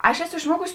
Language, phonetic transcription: Lithuanian, ˈaš ˈeˌsu išˈmuokus

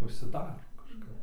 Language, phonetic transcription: Lithuanian, užsiˈdaro kažˈkap

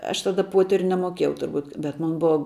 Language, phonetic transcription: Lithuanian, ˈaš taˈda ˈpuoteriu nemoˈkėjau turˈbūt bet ˈmon ˈbua

